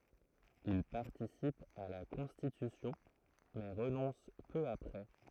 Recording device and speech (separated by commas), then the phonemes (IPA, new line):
throat microphone, read sentence
il paʁtisip a la kɔ̃stitysjɔ̃ mɛ ʁənɔ̃s pø apʁɛ